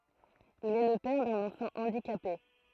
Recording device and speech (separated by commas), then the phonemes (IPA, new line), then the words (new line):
throat microphone, read sentence
il ɛ lə pɛʁ dœ̃n ɑ̃fɑ̃ ɑ̃dikape
Il est le père d'un enfant handicapé.